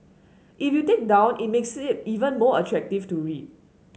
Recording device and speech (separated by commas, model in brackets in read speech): mobile phone (Samsung S8), read sentence